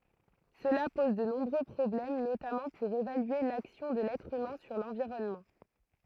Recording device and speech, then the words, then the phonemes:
throat microphone, read sentence
Cela pose de nombreux problèmes, notamment pour évaluer l'action de l'être humain sur l'environnement.
səla pɔz də nɔ̃bʁø pʁɔblɛm notamɑ̃ puʁ evalye laksjɔ̃ də lɛtʁ ymɛ̃ syʁ lɑ̃viʁɔnmɑ̃

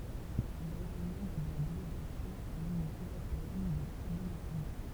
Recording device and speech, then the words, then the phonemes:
temple vibration pickup, read sentence
Il a été membre de la Délégation à l'Union européenne de l'Assemblée nationale.
il a ete mɑ̃bʁ də la deleɡasjɔ̃ a lynjɔ̃ øʁopeɛn də lasɑ̃ble nasjonal

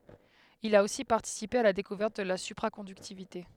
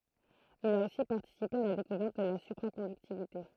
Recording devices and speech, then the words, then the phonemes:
headset microphone, throat microphone, read sentence
Il a aussi participé à la découverte de la supraconductivité.
il a osi paʁtisipe a la dekuvɛʁt də la sypʁakɔ̃dyktivite

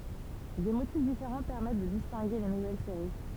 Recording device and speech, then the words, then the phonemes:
temple vibration pickup, read sentence
Des motifs différents permettent de distinguer les nouvelles séries.
de motif difeʁɑ̃ pɛʁmɛt də distɛ̃ɡe le nuvɛl seʁi

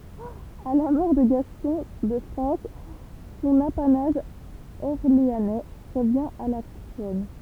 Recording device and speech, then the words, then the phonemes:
temple vibration pickup, read sentence
À la mort de Gaston de France, son apanage orléanais revient à la Couronne.
a la mɔʁ də ɡastɔ̃ də fʁɑ̃s sɔ̃n apanaʒ ɔʁleanɛ ʁəvjɛ̃ a la kuʁɔn

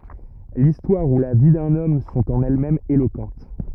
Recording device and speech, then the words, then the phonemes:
rigid in-ear microphone, read sentence
L'histoire, ou la vie d'un homme, sont en elles-mêmes éloquentes.
listwaʁ u la vi dœ̃n ɔm sɔ̃t ɑ̃n ɛlɛsmɛmz elokɑ̃t

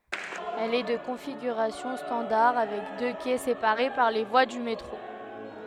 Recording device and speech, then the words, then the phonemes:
headset microphone, read sentence
Elle est de configuration standard avec deux quais séparés par les voies du métro.
ɛl ɛ də kɔ̃fiɡyʁasjɔ̃ stɑ̃daʁ avɛk dø kɛ sepaʁe paʁ le vwa dy metʁo

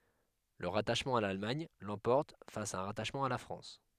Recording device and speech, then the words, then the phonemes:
headset microphone, read sentence
Le rattachement à l'Allemagne l'emporte face à un rattachement à la France.
lə ʁataʃmɑ̃ a lalmaɲ lɑ̃pɔʁt fas a œ̃ ʁataʃmɑ̃ a la fʁɑ̃s

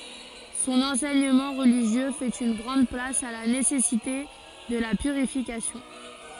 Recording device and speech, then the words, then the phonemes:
forehead accelerometer, read sentence
Son enseignement religieux fait une grande place à la nécessité de la purification.
sɔ̃n ɑ̃sɛɲəmɑ̃ ʁəliʒjø fɛt yn ɡʁɑ̃d plas a la nesɛsite də la pyʁifikasjɔ̃

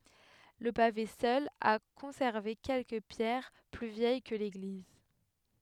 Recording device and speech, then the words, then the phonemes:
headset microphone, read sentence
Le pavé seul a conservé quelques pierres plus vieilles que l'église.
lə pave sœl a kɔ̃sɛʁve kɛlkə pjɛʁ ply vjɛj kə leɡliz

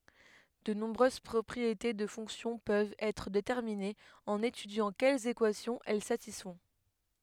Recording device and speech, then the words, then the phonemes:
headset microphone, read sentence
De nombreuses propriétés de fonctions peuvent être déterminées en étudiant quelles équations elles satisfont.
də nɔ̃bʁøz pʁɔpʁiete də fɔ̃ksjɔ̃ pøvt ɛtʁ detɛʁminez ɑ̃n etydjɑ̃ kɛlz ekwasjɔ̃z ɛl satisfɔ̃

